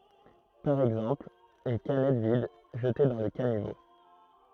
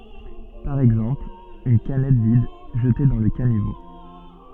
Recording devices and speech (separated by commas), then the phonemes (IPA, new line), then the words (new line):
throat microphone, soft in-ear microphone, read sentence
paʁ ɛɡzɑ̃pl yn kanɛt vid ʒəte dɑ̃ lə kanivo
Par exemple, une canette vide, jetée dans le caniveau.